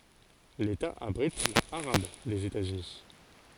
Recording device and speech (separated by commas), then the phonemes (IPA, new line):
forehead accelerometer, read sentence
leta abʁit la aʁab dez etazyni